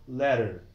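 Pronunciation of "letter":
In 'letter', the t between the two vowels is not stressed.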